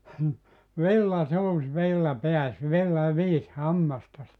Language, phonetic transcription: Finnish, "villa 'suus 'villa 'peäs 'villa "viis 'hammastas . «
- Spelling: villa suusi villa pääsi villa viisi hammastasi

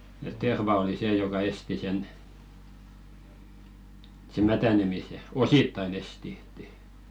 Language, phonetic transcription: Finnish, et "terva oli 'see joka "esti 'sen , se "mätänemise , "osittain ‿esti .
- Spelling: että terva oli se joka esti sen se mätänemisen osittain esti

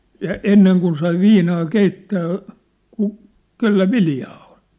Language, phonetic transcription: Finnish, ja "enneŋ kun sai "viinaa "keittää , ku- , "kellä "viljaa ᴏɴ .
- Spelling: ja ennen kun sai viinaa keittää - kenellä viljaa on

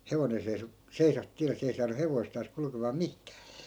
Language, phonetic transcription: Finnish, 'hevonen̬ 'seiso , 'seisa 'tiälle 'se ei saanu 'hevoistaas 'kulkemaa "mihkÄÄ .
- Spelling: hevonen seisoi seisahti tielle se ei saanut hevostaan kulkemaan mihinkään

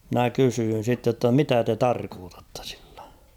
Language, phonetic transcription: Finnish, 'mⁱnä 'kysyyn̬ sitte ‿tta » "mitä 'te "tarkootattᴀ sɪʟʟᴀ̈ ? «
- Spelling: minä kysyn sitten jotta mitä te tarkoitatte sillä

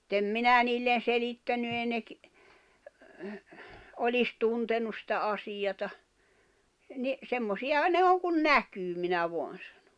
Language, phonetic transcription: Finnish, [mut]t ‿em "minä niillen̬ "selittäny èi ne ‿k- , 'olis 'tuntenus sⁱtä '’asijata , ni , » 'semmosiʲaha ne 'oŋ kun "näkyy « minä 'voan̬ sᴀɴᴏ .
- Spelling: mutta en minä niille selittänyt ei ne - olisi tuntenut sitä asiaa niin semmoisiahan ne on kuin näkyy minä vain sanon

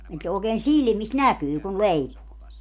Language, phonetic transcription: Finnish, et se ookeen "silmis "näkyy kun 'leipuu .
- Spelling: että se oikein silmissä näkyy kun leipoo

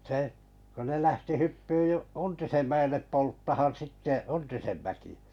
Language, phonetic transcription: Finnish, seh , kun ne 'lähti 'hyppyy u- , "Untisem 'mä₍ellep 'polttahan 'sitte "Untisen mäki₍ᴀ̈ .
- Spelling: se kun ne lähti hyppyyn - Untisen mäelle polttamaan sitten Untisen mäkeä

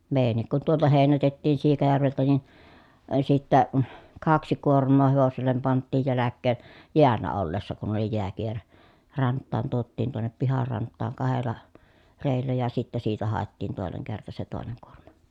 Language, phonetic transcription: Finnish, mèi̮jännik kun tuolta hèinätettiin Siikajärveltä nin , ə sittä , kaksi kuorm̆moo hevosellem panttiij jäläkkeen , jeällä ollessa kun oli jeäkierä rant̆taan tuottiin tuonnep pihar rant̆taaŋ kahel̀a , rèi̮llä ja sittä siitä hàettiin tòeneŋ kerta se tòeneŋ kuormA .
- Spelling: meidänkin kun tuolta heinätettiin Siikajärveltä niin - sitten kaksi kuormaa hevoselle pantiin jälkeen jäällä ollessa kun oli jääkierä rantaan tuotiin tuonne pihan rantaan kahdella reellä ja sitten siitä haettiin toinen kerta se toinen kuorma

